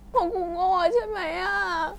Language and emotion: Thai, sad